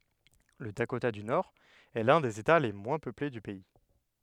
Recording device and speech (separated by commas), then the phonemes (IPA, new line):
headset microphone, read sentence
lə dakota dy noʁɛst lœ̃ dez eta le mwɛ̃ pøple dy pɛi